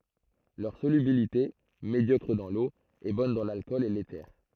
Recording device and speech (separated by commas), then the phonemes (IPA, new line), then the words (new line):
throat microphone, read sentence
lœʁ solybilite medjɔkʁ dɑ̃ lo ɛ bɔn dɑ̃ lalkɔl e lete
Leur solubilité, médiocre dans l'eau, est bonne dans l'alcool et l'éther.